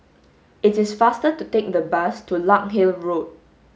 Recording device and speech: mobile phone (Samsung S8), read sentence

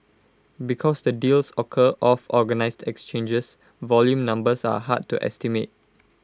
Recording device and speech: close-talking microphone (WH20), read sentence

